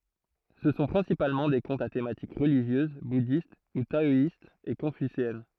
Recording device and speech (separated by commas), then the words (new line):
throat microphone, read sentence
Ce sont principalement des contes à thématique religieuse, bouddhiste ou taoïste, et confucéenne.